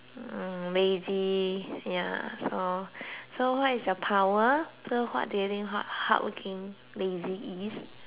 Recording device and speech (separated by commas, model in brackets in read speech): telephone, conversation in separate rooms